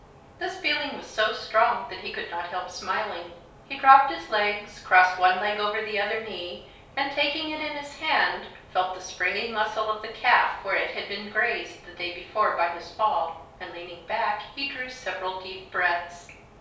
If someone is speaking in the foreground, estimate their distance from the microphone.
3.0 m.